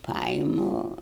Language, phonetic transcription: Lithuanian, ˈpaimu

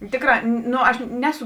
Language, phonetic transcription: Lithuanian, ˈtėkrā ˈno aš ˈneˌsu

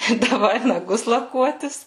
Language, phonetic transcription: Lithuanian, i daˈvai naˈgus laˈkuotis

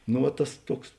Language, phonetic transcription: Lithuanian, no ˈva ˈtas ˈtuoks

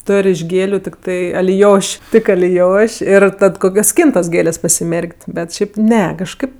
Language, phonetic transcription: Lithuanian, ˈtor' iš ˈgėliu tikˈtai aliˈjoš' ˈtik aliˈjoš' ir ˈtad ˈkokios ˈskyntos ˈgėlės' pasiˈmerk't' bet ˈšiaip ˈne kažˈkaip

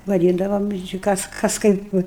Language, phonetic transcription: Lithuanian, vaˈdyndavom ir či ˈkas ˈkas ˈkaip ˈvə

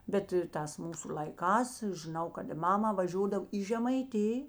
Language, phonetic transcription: Lithuanian, ˈbet ir ˈtās ˈmūsu l'aiˈkās žiˈnau kad i ˈmama vaˈžiodav į žemaiˈtij

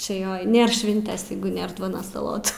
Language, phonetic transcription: Lithuanian, čia ˈjo ˈnėr ˈšvintės ˈjeigu ˈnėr ˈduonos saˈlotų

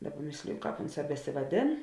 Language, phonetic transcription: Lithuanian, ˈdaˌba ˈmėsliju ˈkāp ˈonˌsā besivaˈdėn

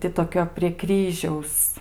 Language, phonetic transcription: Lithuanian, ˈti toˈkio prie ˈkryžiaus

